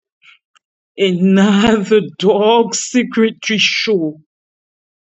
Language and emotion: English, fearful